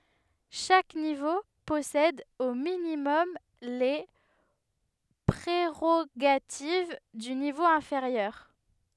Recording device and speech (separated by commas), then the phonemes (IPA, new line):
headset microphone, read sentence
ʃak nivo pɔsɛd o minimɔm le pʁeʁoɡativ dy nivo ɛ̃feʁjœʁ